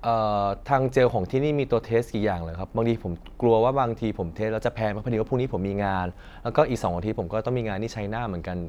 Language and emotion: Thai, neutral